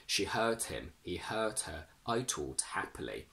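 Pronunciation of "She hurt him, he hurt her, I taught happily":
The t at the end of 'hurt' and 'taught' is kept and pronounced before the following h sound, not dropped.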